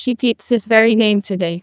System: TTS, neural waveform model